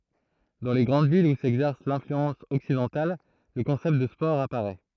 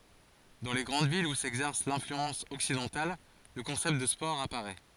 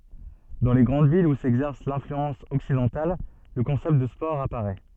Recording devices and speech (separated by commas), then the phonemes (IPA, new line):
throat microphone, forehead accelerometer, soft in-ear microphone, read sentence
dɑ̃ le ɡʁɑ̃d vilz u sɛɡzɛʁs lɛ̃flyɑ̃s ɔksidɑ̃tal lə kɔ̃sɛpt də spɔʁ apaʁɛ